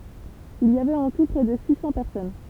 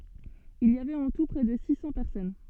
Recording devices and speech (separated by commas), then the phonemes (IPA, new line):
temple vibration pickup, soft in-ear microphone, read sentence
il i avɛt ɑ̃ tu pʁɛ də si sɑ̃ pɛʁsɔn